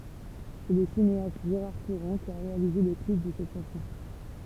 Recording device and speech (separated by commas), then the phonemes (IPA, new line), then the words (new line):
temple vibration pickup, read sentence
sɛ lə sineast ʒeʁaʁ kuʁɑ̃ ki a ʁealize lə klip də sɛt ʃɑ̃sɔ̃
C'est le cinéaste Gérard Courant qui a réalisé le clip de cette chanson.